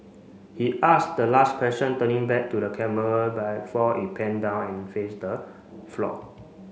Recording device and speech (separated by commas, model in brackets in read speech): mobile phone (Samsung C5), read sentence